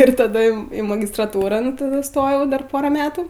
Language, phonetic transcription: Lithuanian, ir taˈda im ˈį magistraˈtūran taˈdu iˈstojau ˈdar ˈpora ˈmetu

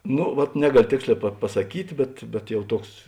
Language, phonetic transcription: Lithuanian, ˈno vat ˈnegaˌlio ˈtėksˌlē pa pasaˈkyt' bet bet ˈjau ˈtuoks

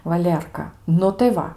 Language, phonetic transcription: Lithuanian, vaˈlierka ˈnu tai ˈva

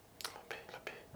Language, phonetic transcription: Lithuanian, laˈbei laˈbei

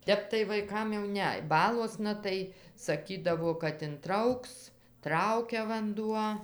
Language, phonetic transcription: Lithuanian, ˈtep tai vaiˈkam jau ˈne ˈbaluosna tai saˈkydavo kad inˈtrauks ˈtraukia vanˈduo

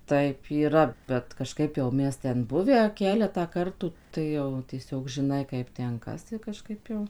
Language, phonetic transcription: Lithuanian, ˈtaip yˈra bet kaˈžkaip jau ˈmes ˈten ˈbuvę ˈkeletą ˈkartų ˈtai jau tieˈsiog žiˈnai ˈkaip ˈten ˈkas i kaˈžkaip jau

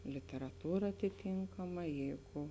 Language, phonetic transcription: Lithuanian, literaˈtūra atiˈtynkama ˈjeigu

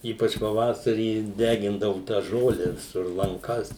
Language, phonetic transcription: Lithuanian, ˈypač paˈvasarį ˈdegindavu tą ˈžole viˈsur lanˈkas

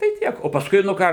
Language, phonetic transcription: Lithuanian, tai ˈtiek o pasˈkui nu ˈką

